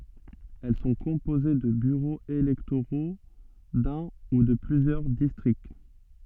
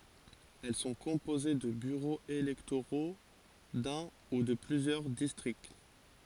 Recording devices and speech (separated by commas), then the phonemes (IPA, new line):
soft in-ear microphone, forehead accelerometer, read sentence
ɛl sɔ̃ kɔ̃poze də byʁoz elɛktoʁo dœ̃ u də plyzjœʁ distʁikt